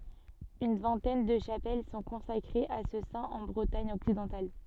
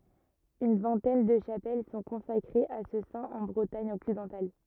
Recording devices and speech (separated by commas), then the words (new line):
soft in-ear microphone, rigid in-ear microphone, read sentence
Une vingtaine de chapelles sont consacrées à ce saint en Bretagne occidentale.